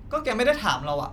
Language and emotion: Thai, frustrated